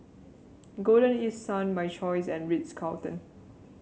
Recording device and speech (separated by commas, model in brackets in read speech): mobile phone (Samsung C7), read sentence